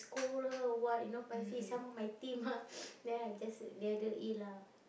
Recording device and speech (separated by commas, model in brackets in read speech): boundary microphone, conversation in the same room